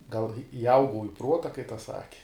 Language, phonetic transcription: Lithuanian, gal iˈaugau i ˈpruota kai tas ˈsaki

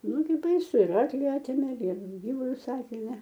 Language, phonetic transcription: Lithuanian, ˈnugi baiˈsu ir ˈarkli ˈatėmė ir ˈgyvulius ˈatėmė

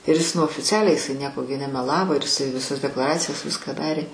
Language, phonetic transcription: Lithuanian, ir is nu oficˈialiai jiˈsai ˈnieko gi nemeˈlavo ir iˈsai viˈsas deklaˈracijos ˈviską ˈdarė

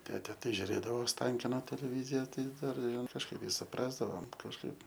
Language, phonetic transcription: Lithuanian, ˈtete tai žiuˈrėdavo osˈtankino teleˈvyzija ˈtai ˈdar kažˈkaip i suˈprasdavom kažˈkaip

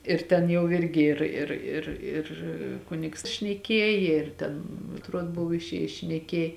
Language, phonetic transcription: Lithuanian, ir ˈten jau ˈirgi ˈir ir ir ir ˈkunigs šneˈkiejė ir ˈten atˈruod ˈbuv išˈėjis šneˈkiej

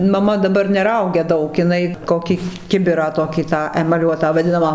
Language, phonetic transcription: Lithuanian, maˈma daˈbar neˈraugia ˈdaug iˈnai ˈkokį ˈkibirą ˈtokį tą emaˈliuotą vaˈdinamą

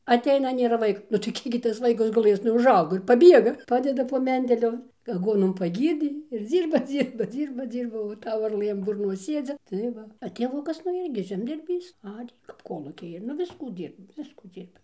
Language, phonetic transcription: Lithuanian, aˈteina nėˈra ˈvaik nu tai ˈkiek gi ˈtas ˈvaikas guˈlɘs nu užˈaugo ir paˈbiega ˈpadeda po ˈmendeliu aˈguonom paˈgyrdė ir ˈdzyrba ˈdzyrba ˈdzyrba ˈdzyrba o ˈtau varˈlɘ an burˈnos ˈsiedzi tai ˈva a tėˈvukas nu ˈirgi žemdirˈbys ˈarė kap ˈkolūkiai ir nu ˈviskų ˈdyrbo ˈviskų ˈdzyrba

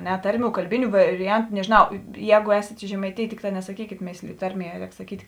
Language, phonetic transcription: Lithuanian, ˈne ˈtarˌmių kalˈbiniu variˈjantu nežinˈau ˈjēgu ˈēsėt i žemaitėjė ˈtikˌtā nesaˈkykėt ˈmėslijo ˈtarˌmie ˈrēk saˈkyt'

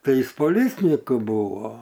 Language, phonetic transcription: Lithuanian, ˈtai ˈis poˈlicninku ˈbuvo

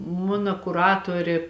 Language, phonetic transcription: Lithuanian, ˈmuna kuˈratorė

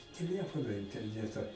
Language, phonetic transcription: Lithuanian, teˈlefono interˈneta

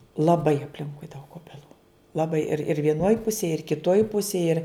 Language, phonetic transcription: Lithuanian, laˈbai apˈlinkui daug obeˈlų laˈbai ir ir vieˈnoj ˈpusėj ir kiˈtoj ˈpusėj ir

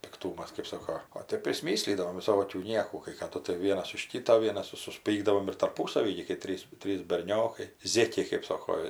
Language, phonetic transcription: Lithuanian, pikˈtūmas kɜp ˈsoko o ˈtep prisˈmyslydavom viˈsokių ˈniekų kai kaˈdu tai ˈvienas už ˈkyto ˈvienas ir susˈpykdavom ir tarˈpūsavy gi kai ˈtrys ˈtrys berˈniokai ˈzėkiai kɜp ˈsoko

